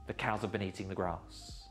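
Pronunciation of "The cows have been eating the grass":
The sentence is said at a normal native-speaker pace, not slowly and deliberately.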